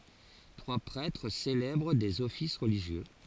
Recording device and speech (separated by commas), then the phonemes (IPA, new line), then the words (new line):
forehead accelerometer, read sentence
tʁwa pʁɛtʁ selɛbʁ dez ɔfis ʁəliʒjø
Trois prêtres célèbrent des offices religieux.